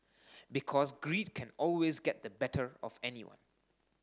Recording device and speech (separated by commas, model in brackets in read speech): standing microphone (AKG C214), read sentence